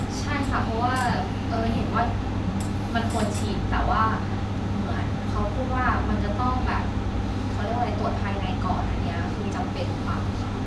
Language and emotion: Thai, frustrated